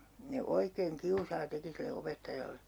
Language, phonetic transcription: Finnish, 'ne 'oikeeŋ 'kiusaa 'teki sille 'opettajalle .
- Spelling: ne oikein kiusaa teki sille opettajalle

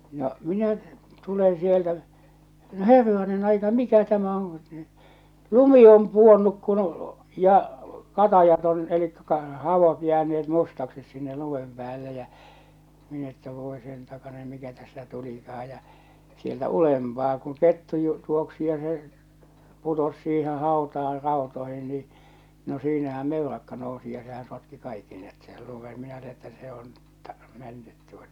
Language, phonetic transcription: Finnish, no , 'minä , tuleḛ sieltä , no "herranen ‿aika , "mikä 'tämä on (ku) , "lumi om 'puonnuk kun , ja , "katajat on , elikkä kar- 'havot jääne₍et 'mustaksis sinne 'lumem 'pᵉäälle jä , min ‿että 'vòe sen 'takanen 'mikä tästä 'tulikah̬aj ja , sieltä 'ulempaa kuŋ 'kettu ju- t̳uoksi ja se , putos siiheḛ 'hàotaar 'ràotoihin nii , no 'siinähä 'mellakka nòu̬si ja sehää̰ sotki 'kaikki net sel lumen minä l(uuli) että se on , tᴀ- , 'mennyt tuota .
- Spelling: no minä tulen sieltä no herranen aika mikä tämä on kun lumi on pudonnut kun ja katajat on eli - havut jääneet mustaksi sinne lumen päälle ja minä että voi sen takainen mikä tästä tulikaan ja sieltä ylempää kun kettu - juoksi ja se putosi siihen hautaan rautoihin niin no siinähän mellakka nousi ja sehän sotki kaikki ne sen lumen minä luulin että se on - mennyt tuota

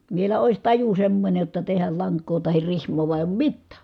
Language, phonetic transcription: Finnish, vielä ois taju semmońej jotta tehäl laŋk̀oo tahir rihm̀oo vua èi̮ oom mittä̀ .
- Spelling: vielä olisi taju semmoinen jotta tehdä lankaa tai rihmaa vaan ei ole mitään

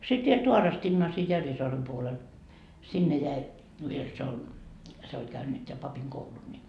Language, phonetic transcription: Finnish, sit viel 'Tuarastinnaa sii 'Järvisoarem puolel , 'sinne 'jäi , viel siel ol , se oĺ käynyt ja 'papiŋ 'koulun ni .
- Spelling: sitten vielä Staarostinaan siinä Järvisaaren puolella sinne jäi vielä siellä oli se oli käynyt ja papin koulun niin

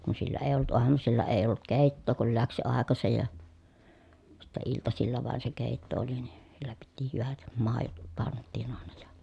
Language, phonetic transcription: Finnish, kun sillä èi̮ ollut uamusilla èi ollut kèittoo kul läks jo àekasej ja , sittɛ iltasilla vàen se kèitto oli ni , sillä piti hyvät , màejot panttìn àena jA ,.
- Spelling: kun sillä ei ollut aamusilla ei ollut keittoa kun lähti jo aikaiseen ja sitten iltasilla vain se keitto oli niin sillä piti hyvät maidot pantiin aina ja

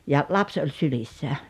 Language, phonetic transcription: Finnish, ja , "laps oĺ "sylissä .
- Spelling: ja lapsi oli sylissä

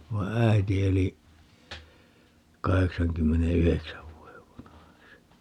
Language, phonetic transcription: Finnish, 'vai̮ "äiti 'eli , 'kaheksaŋkymmene₍"yheksäv 'vuojev vanahaks(i) .
- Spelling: vaan äiti eli kahdeksankymmenenyhdeksän vuoden vanhaksi

